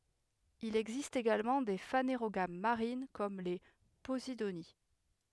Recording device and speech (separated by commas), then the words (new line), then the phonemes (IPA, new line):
headset microphone, read sentence
Il existe également des phanérogames marines comme les posidonies.
il ɛɡzist eɡalmɑ̃ de faneʁoɡam maʁin kɔm le pozidoni